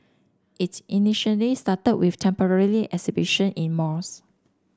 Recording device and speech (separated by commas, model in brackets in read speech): standing microphone (AKG C214), read sentence